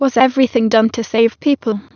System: TTS, waveform concatenation